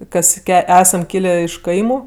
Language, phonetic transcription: Lithuanian, ˈkas ˈesam ˈkylė iš ˈkaimu

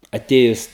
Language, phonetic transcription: Lithuanian, aˈtėjus

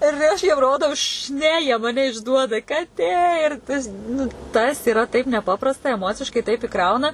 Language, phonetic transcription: Lithuanian, ir ˈaš jiem ˈrodau š ˈne jie maˈne išˈduoda kaˈtė ir ˈtas nu ˈtas iˈra taip neˈpaprasta eˈmociškai taip iˈkrauna

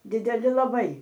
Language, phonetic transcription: Lithuanian, dideˈli laˈbai

